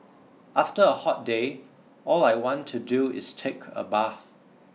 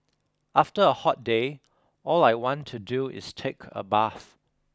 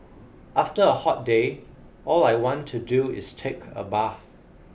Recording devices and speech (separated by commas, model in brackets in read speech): mobile phone (iPhone 6), close-talking microphone (WH20), boundary microphone (BM630), read sentence